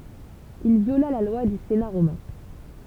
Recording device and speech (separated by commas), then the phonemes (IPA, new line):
temple vibration pickup, read sentence
il vjola la lwa dy sena ʁomɛ̃